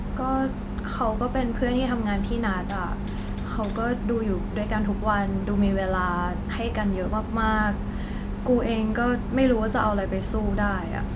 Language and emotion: Thai, frustrated